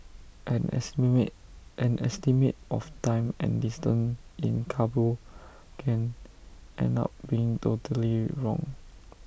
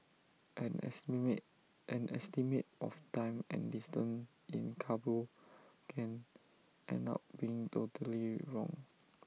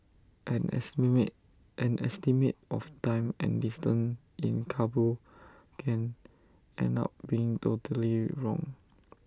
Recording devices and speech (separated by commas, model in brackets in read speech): boundary microphone (BM630), mobile phone (iPhone 6), standing microphone (AKG C214), read sentence